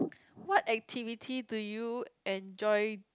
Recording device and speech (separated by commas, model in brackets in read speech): close-talking microphone, conversation in the same room